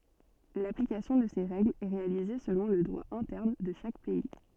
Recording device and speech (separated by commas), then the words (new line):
soft in-ear microphone, read sentence
L’application de ces règles est réalisée selon le droit interne de chaque pays.